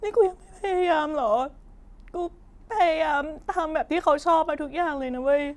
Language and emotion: Thai, sad